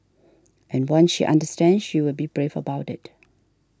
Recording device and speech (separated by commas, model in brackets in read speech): standing microphone (AKG C214), read sentence